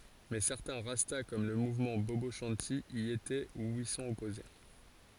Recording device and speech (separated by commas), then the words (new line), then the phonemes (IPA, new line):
forehead accelerometer, read sentence
Mais certains Rastas, comme le mouvement Bobo Shanti, y étaient ou y sont opposés.
mɛ sɛʁtɛ̃ ʁasta kɔm lə muvmɑ̃ bobo ʃɑ̃ti i etɛ u i sɔ̃t ɔpoze